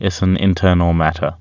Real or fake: real